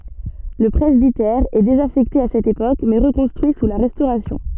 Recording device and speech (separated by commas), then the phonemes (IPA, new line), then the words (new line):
soft in-ear microphone, read sentence
lə pʁɛzbitɛʁ ɛ dezafɛkte a sɛt epok mɛ ʁəkɔ̃stʁyi su la ʁɛstoʁasjɔ̃
Le presbytère est désaffecté à cette époque, mais reconstruit sous la Restauration.